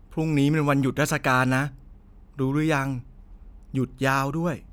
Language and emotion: Thai, neutral